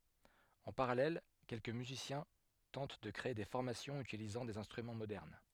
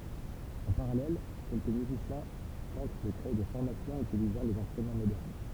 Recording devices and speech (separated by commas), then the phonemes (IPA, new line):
headset microphone, temple vibration pickup, read sentence
ɑ̃ paʁalɛl kɛlkə myzisjɛ̃ tɑ̃t də kʁee de fɔʁmasjɔ̃z ytilizɑ̃ dez ɛ̃stʁymɑ̃ modɛʁn